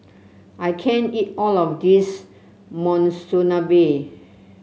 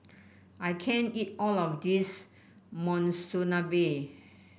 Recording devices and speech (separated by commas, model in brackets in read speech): mobile phone (Samsung C7), boundary microphone (BM630), read sentence